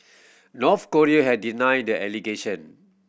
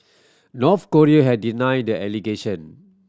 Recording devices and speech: boundary microphone (BM630), standing microphone (AKG C214), read sentence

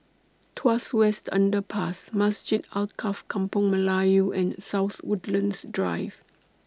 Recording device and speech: standing microphone (AKG C214), read sentence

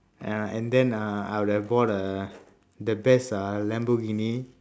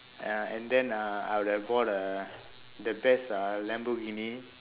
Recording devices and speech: standing microphone, telephone, conversation in separate rooms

